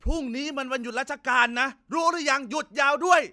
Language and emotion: Thai, angry